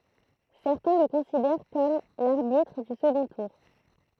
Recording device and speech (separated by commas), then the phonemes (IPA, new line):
throat microphone, read sentence
sɛʁtɛ̃ lə kɔ̃sidɛʁ kɔm laʁbitʁ dy səɡɔ̃ tuʁ